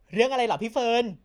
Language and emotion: Thai, happy